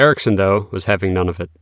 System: none